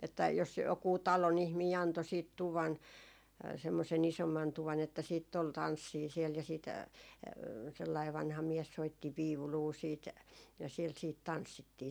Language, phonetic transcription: Finnish, että jos jokuu "talon ‿ihmii anto siit 'tuvan , semmosen 'isomman 'tuvan että siitt ‿ol "tanssii siɛl ja sit , sellai vanha 'miɛs soitti "viuluu siit , ja siɛl siit 'tanssittii .
- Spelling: että jos joku talon ihminen antoi sitten tuvan semmoisen isomman tuvan että sitten oli tanssia siellä ja sitten sellainen vanha mies soitti viulua sitten ja siellä sitten tanssittiin

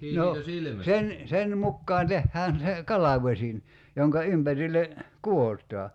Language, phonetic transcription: Finnish, 'no , 'sen , 'sen 'mukkaan 'tehhään se , "kalavośin , 'joŋka 'ympärille , "ku₍ot̀aa .
- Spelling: no sen sen mukaan tehdään se kalvosin jonka ympärille kudotaan

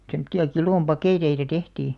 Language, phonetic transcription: Finnish, semᵒtti₍a "kilòm 'pakèteita "tehtii .
- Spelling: semmoisia kilon paketteja tehtiin

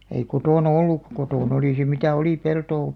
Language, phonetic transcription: Finnish, ei 'kotònᵃ "olluk- , 'kotòn ‿olì se 'mitä "oli 'peltoo ,.
- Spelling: ei kotona ollut kotona oli se mitä oli peltoa

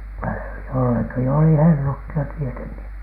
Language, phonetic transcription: Finnish, -tä jollaki oli "hellut jo 'tieteŋki .
- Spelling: - jollakin oli hellut jo tietenkin

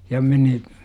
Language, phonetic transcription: Finnish, ja meni ,.
- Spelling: ja meni

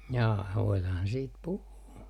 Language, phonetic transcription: Finnish, jaa voilaahan siit 'puhuu .
- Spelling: jaa voidaanhan siitä puhua

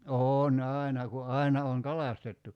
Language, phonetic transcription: Finnish, "oon "àina ku "aina oŋ "kalastettu .
- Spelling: on aina kun aina on kalastettu

